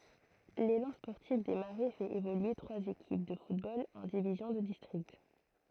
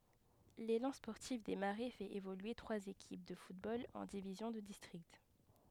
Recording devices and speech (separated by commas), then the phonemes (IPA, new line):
throat microphone, headset microphone, read sentence
lelɑ̃ spɔʁtif de maʁɛ fɛt evolye tʁwaz ekip də futbol ɑ̃ divizjɔ̃ də distʁikt